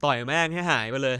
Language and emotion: Thai, frustrated